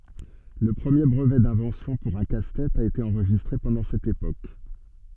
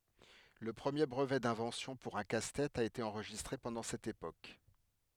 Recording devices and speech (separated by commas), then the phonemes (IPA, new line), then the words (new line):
soft in-ear microphone, headset microphone, read sentence
lə pʁəmje bʁəvɛ dɛ̃vɑ̃sjɔ̃ puʁ œ̃ kastɛt a ete ɑ̃ʁʒistʁe pɑ̃dɑ̃ sɛt epok
Le premier brevet d'invention pour un casse-tête a été enregistré pendant cette époque.